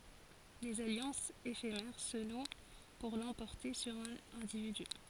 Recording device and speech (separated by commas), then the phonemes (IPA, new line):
forehead accelerometer, read sentence
dez aljɑ̃sz efemɛʁ sə nw puʁ lɑ̃pɔʁte syʁ œ̃n ɛ̃dividy